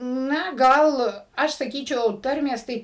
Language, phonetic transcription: Lithuanian, ˈna ˈgal ˈaš saˈkyčiau ˈtarmės ˈtai

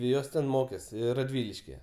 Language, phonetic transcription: Lithuanian, ˈjos ten ˈmokės raˈdviliškije

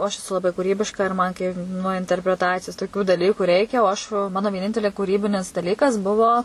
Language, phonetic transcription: Lithuanian, o ˈaš eˈsu laˈbai kūˈrybiška ir ˈman kai nuo interpreˈtacijos toˈkių daˈlyku ˈreikia o aš va ˈmano vieˈnintelė kūˈrybinis daˈlykas ˈbuvo

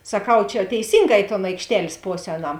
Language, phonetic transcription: Lithuanian, saˈkau čia teiˈsynˌgā i ton aikšˈtel's' ˈpos' ˈēˌnam

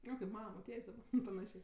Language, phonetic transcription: Lithuanian, ˈo kaip ˈmana moˈtiejs' daˈba paˈnašė

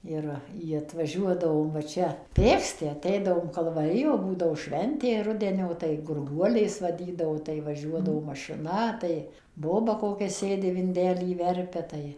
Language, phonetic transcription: Lithuanian, ˈir ˈji atvaˈžiuodavom va ˈčia ˈpėksti aˈteidavom kalvaˈrijo ˈbūdavo ˈšventė ˈrudenio tai gurˈguolės vaˈdydavo tai vaˈžiuodavo mašiˈna tai ˈboba ˈkokia ˈsėdi vinˈdelį ˈverpia ˈtai

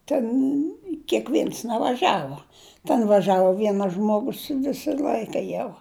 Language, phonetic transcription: Lithuanian, ten kėkˈvėns nevaˈžavuo ten vaˈžavo ˈvienas žmoˈgus ˈvisa ˈl'aika jau

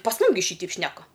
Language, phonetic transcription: Lithuanian, pas ˈmum gi ˈšyteip ˈšneka

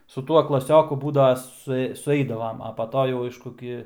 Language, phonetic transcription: Lithuanian, su ˈtuo klaˈsioku ˈbūdava suˈei suˈeidavam a pa ˈto jau ˈaišku ˈgi

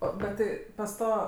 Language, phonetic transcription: Lithuanian, ˈo bet ˈti pas ˈto

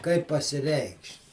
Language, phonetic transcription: Lithuanian, kaip pasiˈreikšt'

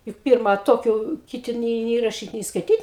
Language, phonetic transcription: Lithuanian, juk ˈpirma ˈtokiu kiˈti nė nė raˈšyt nė skaiˈtyt

